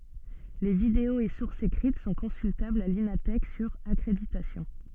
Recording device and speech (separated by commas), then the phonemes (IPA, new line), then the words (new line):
soft in-ear microphone, read sentence
le videoz e suʁsz ekʁit sɔ̃ kɔ̃syltablz a lina tɛk syʁ akʁeditasjɔ̃
Les vidéos et sources écrites sont consultables à l’Ina Thèque, sur accréditation.